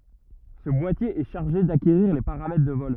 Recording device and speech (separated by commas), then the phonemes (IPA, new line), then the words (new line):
rigid in-ear microphone, read sentence
sə bwatje ɛ ʃaʁʒe dakeʁiʁ le paʁamɛtʁ də vɔl
Ce boîtier est chargé d'acquérir les paramètres de vol.